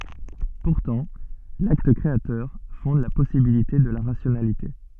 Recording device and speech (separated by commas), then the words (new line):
soft in-ear microphone, read sentence
Pourtant, l'acte créateur fonde la possibilité de la rationalité.